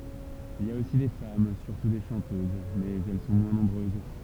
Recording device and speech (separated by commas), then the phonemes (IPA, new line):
temple vibration pickup, read sentence
il i a osi de fam syʁtu de ʃɑ̃tøz mɛz ɛl sɔ̃ mwɛ̃ nɔ̃bʁøz